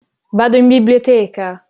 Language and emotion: Italian, angry